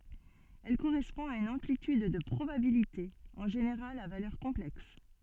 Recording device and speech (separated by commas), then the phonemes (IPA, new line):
soft in-ear microphone, read sentence
ɛl koʁɛspɔ̃ a yn ɑ̃plityd də pʁobabilite ɑ̃ ʒeneʁal a valœʁ kɔ̃plɛks